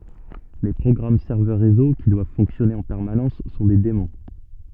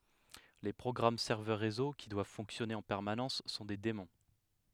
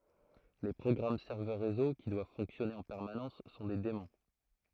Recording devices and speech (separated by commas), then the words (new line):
soft in-ear microphone, headset microphone, throat microphone, read sentence
Les programmes serveurs réseau, qui doivent fonctionner en permanence, sont des daemons.